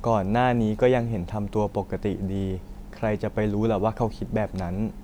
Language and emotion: Thai, sad